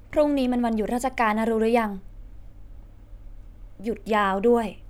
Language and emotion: Thai, frustrated